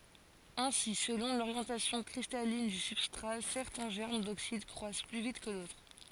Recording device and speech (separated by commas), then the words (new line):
forehead accelerometer, read sentence
Ainsi, selon l'orientation cristalline du substrat, certains germes d'oxyde croissent plus vite que d'autres.